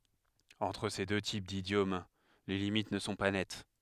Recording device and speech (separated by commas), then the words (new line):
headset microphone, read sentence
Entre ces deux types d’idiomes, les limites ne sont pas nettes.